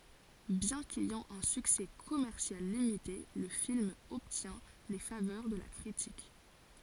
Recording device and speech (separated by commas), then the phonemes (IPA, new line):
forehead accelerometer, read sentence
bjɛ̃ kɛjɑ̃ œ̃ syksɛ kɔmɛʁsjal limite lə film ɔbtjɛ̃ le favœʁ də la kʁitik